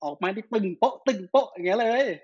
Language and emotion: Thai, happy